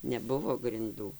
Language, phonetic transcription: Lithuanian, neˈbuvo grinˈdų

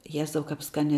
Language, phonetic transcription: Lithuanian, ˈjezau ˈkap ˈskania

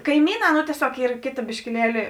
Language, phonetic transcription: Lithuanian, kaiˈmyˌnā no tieˈsiog ˈyr ˈkėˌta biškiˈlieli

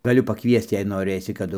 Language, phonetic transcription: Lithuanian, gaˈliu paˈkviesc jei noˈrɘsi kaˈdu

